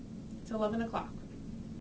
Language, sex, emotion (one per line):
English
female
neutral